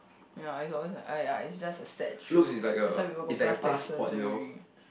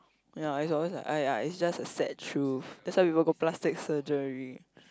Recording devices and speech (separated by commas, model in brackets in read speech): boundary microphone, close-talking microphone, conversation in the same room